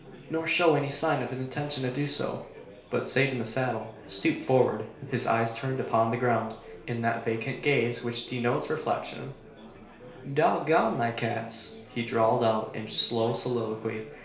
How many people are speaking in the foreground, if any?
One person.